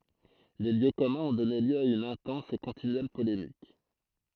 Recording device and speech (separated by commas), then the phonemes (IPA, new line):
throat microphone, read sentence
le ljø kɔmœ̃z ɔ̃ dɔne ljø a yn ɛ̃tɑ̃s e kɔ̃tinyɛl polemik